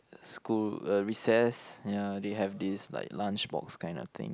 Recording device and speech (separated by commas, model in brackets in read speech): close-talking microphone, conversation in the same room